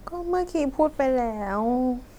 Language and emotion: Thai, sad